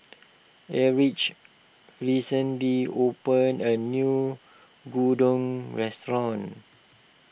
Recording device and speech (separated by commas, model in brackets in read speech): boundary microphone (BM630), read sentence